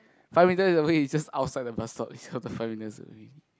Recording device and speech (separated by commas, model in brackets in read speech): close-talking microphone, conversation in the same room